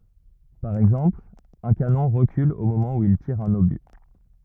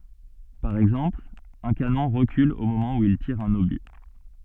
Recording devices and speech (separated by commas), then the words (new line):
rigid in-ear microphone, soft in-ear microphone, read sentence
Par exemple, un canon recule au moment où il tire un obus.